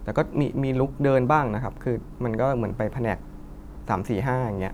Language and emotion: Thai, neutral